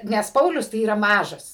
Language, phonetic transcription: Lithuanian, nes ˈpaulius tai ˈyra ˈmažas

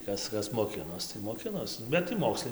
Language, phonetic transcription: Lithuanian, ˈtas ˈkas moˈkinos tai moˈkinos bet tai ˈmokslai

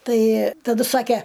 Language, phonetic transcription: Lithuanian, ˈtai taˈdu ˈsake

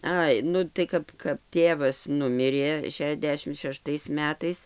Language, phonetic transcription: Lithuanian, ˈai ˈnu tai ˈkap kap ˈtėvas ˈnumirė šiaˈdešim šeˈštais ˈmetais

